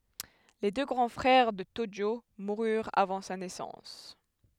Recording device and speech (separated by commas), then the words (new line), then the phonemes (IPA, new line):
headset microphone, read sentence
Les deux grands frères de Tōjō moururent avant sa naissance.
le dø ɡʁɑ̃ fʁɛʁ də toʒo muʁyʁt avɑ̃ sa nɛsɑ̃s